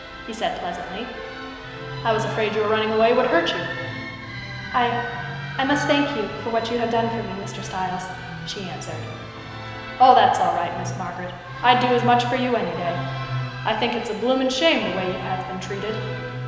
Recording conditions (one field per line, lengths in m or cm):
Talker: one person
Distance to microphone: 1.7 m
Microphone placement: close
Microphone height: 1.0 m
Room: very reverberant, large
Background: music